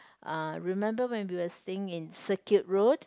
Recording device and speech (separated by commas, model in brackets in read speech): close-talking microphone, conversation in the same room